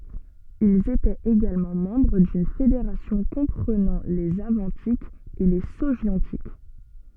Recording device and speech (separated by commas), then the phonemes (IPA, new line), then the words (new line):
soft in-ear microphone, read sentence
ilz etɛt eɡalmɑ̃ mɑ̃bʁ dyn fedeʁasjɔ̃ kɔ̃pʁənɑ̃ lez avɑ̃tikz e le soʒjɔ̃tik
Ils étaient également membres d’une fédération comprenant les Avantiques et les Sogiontiques.